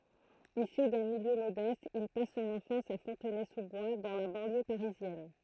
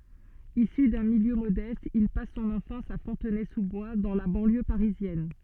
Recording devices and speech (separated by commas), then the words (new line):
throat microphone, soft in-ear microphone, read sentence
Issu d'un milieu modeste, il passe son enfance à Fontenay-sous-Bois, dans la banlieue parisienne.